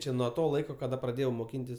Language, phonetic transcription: Lithuanian, ˈčia nuo ˈto ˈlaiko kaˈda praˈdėjau moˈkyntis

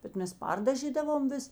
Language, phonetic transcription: Lithuanian, bet ˈmes ˈpardažydavom ˈvis

